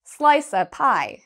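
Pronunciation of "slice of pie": In 'slice of pie', 'of' is not said as a full 'of'. It sounds more like 'uh', so the phrase sounds like 'slice a pie'.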